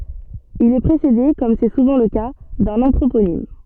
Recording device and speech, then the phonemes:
soft in-ear microphone, read sentence
il ɛ pʁesede kɔm sɛ suvɑ̃ lə ka dœ̃n ɑ̃tʁoponim

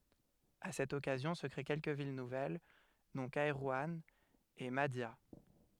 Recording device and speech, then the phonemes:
headset microphone, read sentence
a sɛt ɔkazjɔ̃ sə kʁe kɛlkə vil nuvɛl dɔ̃ kɛʁwɑ̃ e madja

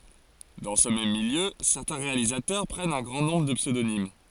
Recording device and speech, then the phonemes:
forehead accelerometer, read sentence
dɑ̃ sə mɛm miljø sɛʁtɛ̃ ʁealizatœʁ pʁɛnt œ̃ ɡʁɑ̃ nɔ̃bʁ də psødonim

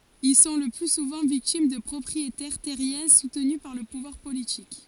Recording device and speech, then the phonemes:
forehead accelerometer, read sentence
il sɔ̃ lə ply suvɑ̃ viktim də pʁɔpʁietɛʁ tɛʁjɛ̃ sutny paʁ lə puvwaʁ politik

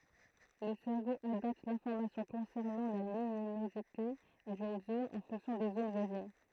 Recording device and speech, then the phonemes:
throat microphone, read sentence
lə sɛʁvo adapt lɛ̃fɔʁmasjɔ̃ kɔ̃sɛʁnɑ̃ la lyminozite dyn zon ɑ̃ fɔ̃ksjɔ̃ de zon vwazin

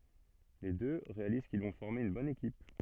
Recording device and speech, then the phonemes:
soft in-ear microphone, read sentence
le dø ʁealiz kil vɔ̃ fɔʁme yn bɔn ekip

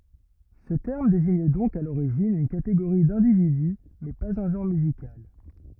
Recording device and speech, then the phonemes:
rigid in-ear microphone, read sentence
sə tɛʁm deziɲ dɔ̃k a loʁiʒin yn kateɡoʁi dɛ̃dividy mɛ paz œ̃ ʒɑ̃ʁ myzikal

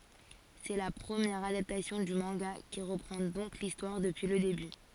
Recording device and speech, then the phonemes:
forehead accelerometer, read sentence
sɛ la pʁəmjɛʁ adaptasjɔ̃ dy mɑ̃ɡa ki ʁəpʁɑ̃ dɔ̃k listwaʁ dəpyi lə deby

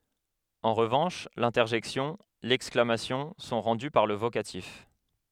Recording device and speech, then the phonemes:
headset microphone, read sentence
ɑ̃ ʁəvɑ̃ʃ lɛ̃tɛʁʒɛksjɔ̃ lɛksklamasjɔ̃ sɔ̃ ʁɑ̃dy paʁ lə vokatif

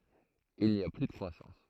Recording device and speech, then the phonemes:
throat microphone, read sentence
il ni a ply də kʁwasɑ̃s

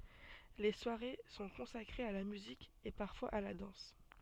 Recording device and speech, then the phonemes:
soft in-ear microphone, read sentence
le swaʁe sɔ̃ kɔ̃sakʁez a la myzik e paʁfwaz a la dɑ̃s

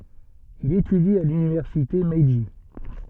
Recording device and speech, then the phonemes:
soft in-ear microphone, read sentence
il etydi a lynivɛʁsite mɛʒi

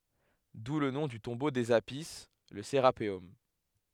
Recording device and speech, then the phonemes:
headset microphone, read sentence
du lə nɔ̃ dy tɔ̃bo dez api lə seʁapeɔm

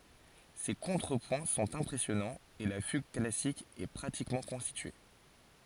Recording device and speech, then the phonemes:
forehead accelerometer, read sentence
se kɔ̃tʁəpwɛ̃ sɔ̃t ɛ̃pʁɛsjɔnɑ̃z e la fyɡ klasik ɛ pʁatikmɑ̃ kɔ̃stitye

